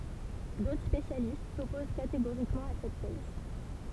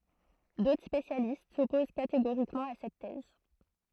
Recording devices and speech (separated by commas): temple vibration pickup, throat microphone, read sentence